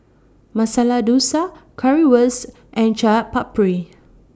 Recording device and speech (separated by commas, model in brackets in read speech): standing microphone (AKG C214), read sentence